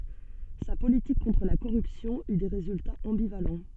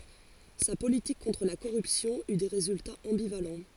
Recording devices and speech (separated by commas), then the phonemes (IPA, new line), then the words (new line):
soft in-ear microphone, forehead accelerometer, read sentence
sa politik kɔ̃tʁ la koʁypsjɔ̃ y de ʁezyltaz ɑ̃bivalɑ̃
Sa politique contre la corruption eut des résultats ambivalents.